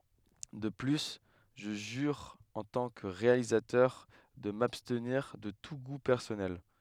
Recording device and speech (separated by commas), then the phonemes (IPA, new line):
headset microphone, read sentence
də ply ʒə ʒyʁ ɑ̃ tɑ̃ kə ʁealizatœʁ də mabstniʁ də tu ɡu pɛʁsɔnɛl